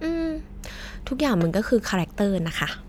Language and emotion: Thai, neutral